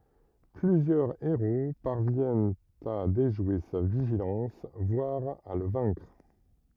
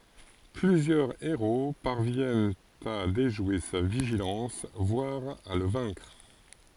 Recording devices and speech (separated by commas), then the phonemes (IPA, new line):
rigid in-ear microphone, forehead accelerometer, read sentence
plyzjœʁ eʁo paʁvjɛnt a deʒwe sa viʒilɑ̃s vwaʁ a lə vɛ̃kʁ